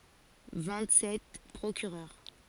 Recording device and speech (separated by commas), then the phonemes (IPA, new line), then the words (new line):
forehead accelerometer, read sentence
vɛ̃t sɛt pʁokyʁœʁ
Vingt-sept procureurs.